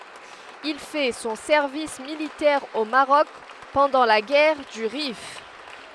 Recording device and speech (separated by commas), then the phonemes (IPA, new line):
headset microphone, read sentence
il fɛ sɔ̃ sɛʁvis militɛʁ o maʁɔk pɑ̃dɑ̃ la ɡɛʁ dy ʁif